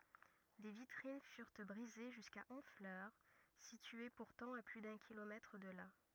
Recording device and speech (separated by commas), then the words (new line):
rigid in-ear microphone, read sentence
Des vitrines furent brisées jusqu'à Honfleur, située pourtant à plus d'un kilomètre de là.